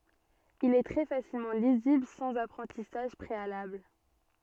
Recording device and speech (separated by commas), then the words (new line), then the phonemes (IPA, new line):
soft in-ear microphone, read sentence
Il est très facilement lisible sans apprentissage préalable.
il ɛ tʁɛ fasilmɑ̃ lizibl sɑ̃z apʁɑ̃tisaʒ pʁealabl